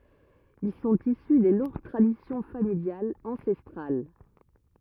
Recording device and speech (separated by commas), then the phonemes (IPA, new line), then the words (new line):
rigid in-ear microphone, read sentence
il sɔ̃t isy de lɔ̃ɡ tʁadisjɔ̃ familjalz ɑ̃sɛstʁal
Ils sont issus des longues traditions familiales ancestrales.